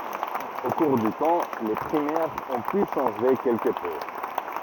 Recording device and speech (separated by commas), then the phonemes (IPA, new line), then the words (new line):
rigid in-ear microphone, read sentence
o kuʁ dy tɑ̃ le pʁimɛʁz ɔ̃ py ʃɑ̃ʒe kɛlkə pø
Au cours du temps, les primaires ont pu changer quelque peu.